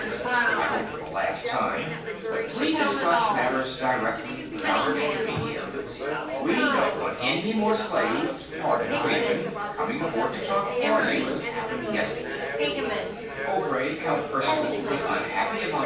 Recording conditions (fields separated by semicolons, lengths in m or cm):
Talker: one person; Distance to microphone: 9.8 m; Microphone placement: far; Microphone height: 1.8 m; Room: large; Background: babble